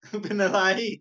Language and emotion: Thai, happy